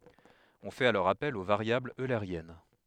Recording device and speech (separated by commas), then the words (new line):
headset microphone, read sentence
On fait alors appel aux variables eulériennes.